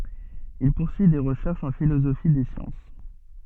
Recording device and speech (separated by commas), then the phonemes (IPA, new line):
soft in-ear microphone, read sentence
il puʁsyi de ʁəʃɛʁʃz ɑ̃ filozofi de sjɑ̃s